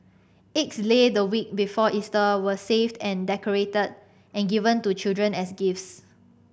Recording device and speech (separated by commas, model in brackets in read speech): boundary microphone (BM630), read sentence